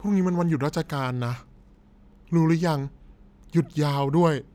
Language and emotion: Thai, frustrated